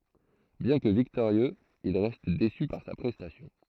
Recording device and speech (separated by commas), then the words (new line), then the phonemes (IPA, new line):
throat microphone, read sentence
Bien que victorieux, il reste déçu par sa prestation.
bjɛ̃ kə viktoʁjøz il ʁɛst desy paʁ sa pʁɛstasjɔ̃